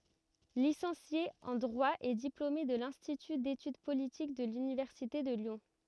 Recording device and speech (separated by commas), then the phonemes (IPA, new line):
rigid in-ear microphone, read sentence
lisɑ̃sje ɑ̃ dʁwa e diplome də lɛ̃stity detyd politik də lynivɛʁsite də ljɔ̃